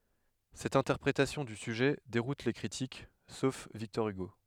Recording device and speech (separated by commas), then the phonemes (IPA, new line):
headset microphone, read sentence
sɛt ɛ̃tɛʁpʁetasjɔ̃ dy syʒɛ deʁut le kʁitik sof viktɔʁ yɡo